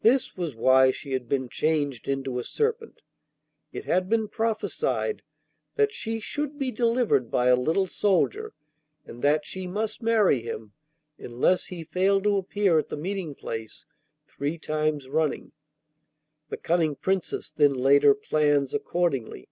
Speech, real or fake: real